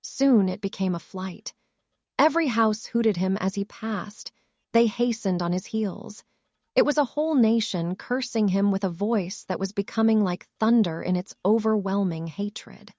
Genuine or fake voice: fake